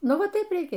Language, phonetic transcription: Lithuanian, ˈnu ˈva ˈtaip reiˈkė

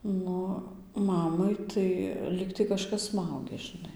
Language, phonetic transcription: Lithuanian, ˈnu ˈmamai tai ˈlygtai kaˈžkas ˈsmaugia žiˈnai

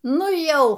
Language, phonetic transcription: Lithuanian, ˈnu ˈjau

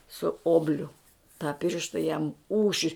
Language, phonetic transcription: Lithuanian, su ˈobliu tą ˈpiršta jam ˈūši

